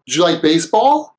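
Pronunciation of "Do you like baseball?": In 'Do you', the d sound and the y sound are put together, so it sounds more like a j sound.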